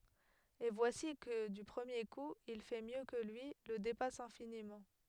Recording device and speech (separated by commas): headset microphone, read sentence